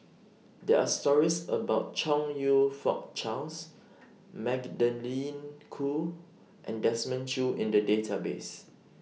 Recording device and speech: mobile phone (iPhone 6), read sentence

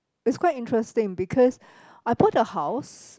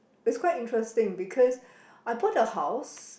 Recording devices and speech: close-talking microphone, boundary microphone, conversation in the same room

